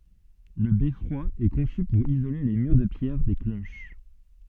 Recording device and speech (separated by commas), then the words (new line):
soft in-ear microphone, read sentence
Le beffroi est conçu pour isoler les murs de pierre des cloches.